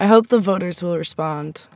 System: none